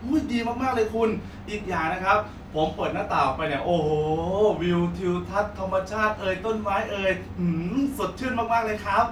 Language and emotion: Thai, happy